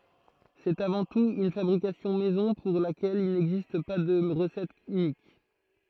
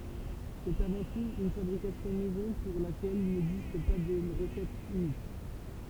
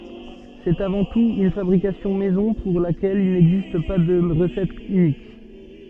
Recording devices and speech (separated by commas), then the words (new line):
throat microphone, temple vibration pickup, soft in-ear microphone, read sentence
C'est avant tout une fabrication maison pour laquelle il n’existe pas de recette unique.